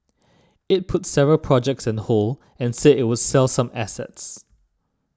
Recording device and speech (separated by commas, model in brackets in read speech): standing microphone (AKG C214), read sentence